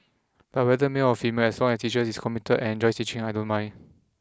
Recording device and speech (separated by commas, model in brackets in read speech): close-talking microphone (WH20), read sentence